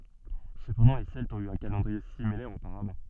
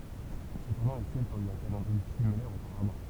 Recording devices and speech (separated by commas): soft in-ear microphone, temple vibration pickup, read sentence